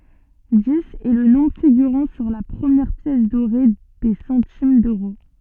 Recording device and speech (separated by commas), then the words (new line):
soft in-ear microphone, read sentence
Dix est le nombre figurant sur la première pièce dorée des centimes d'euros.